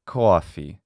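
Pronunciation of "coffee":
'Coffee' is said in a traditional New York accent. The vowel is exaggerated, and it is heard as a strongly pronounced diphthong.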